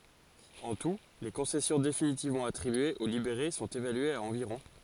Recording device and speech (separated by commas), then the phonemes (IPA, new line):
forehead accelerometer, read sentence
ɑ̃ tu le kɔ̃sɛsjɔ̃ definitivmɑ̃ atʁibyez o libeʁe sɔ̃t evalyez a ɑ̃viʁɔ̃